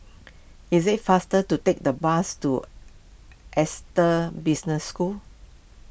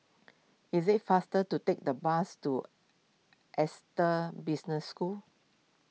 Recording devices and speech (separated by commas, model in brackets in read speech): boundary microphone (BM630), mobile phone (iPhone 6), read sentence